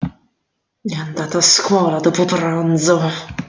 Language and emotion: Italian, angry